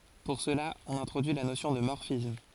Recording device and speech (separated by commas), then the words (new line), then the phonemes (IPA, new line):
forehead accelerometer, read sentence
Pour cela, on introduit la notion de morphisme.
puʁ səla ɔ̃n ɛ̃tʁodyi la nosjɔ̃ də mɔʁfism